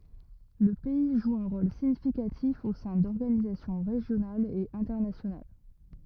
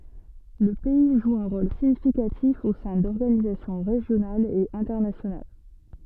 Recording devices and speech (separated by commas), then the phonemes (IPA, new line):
rigid in-ear microphone, soft in-ear microphone, read sentence
lə pɛi ʒu œ̃ ʁol siɲifikatif o sɛ̃ dɔʁɡanizasjɔ̃ ʁeʒjonalz e ɛ̃tɛʁnasjonal